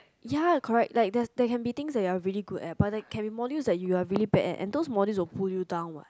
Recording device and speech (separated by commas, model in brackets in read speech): close-talking microphone, conversation in the same room